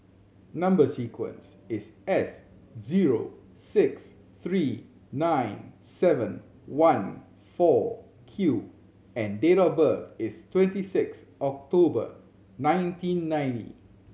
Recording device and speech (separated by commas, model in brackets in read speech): mobile phone (Samsung C7100), read sentence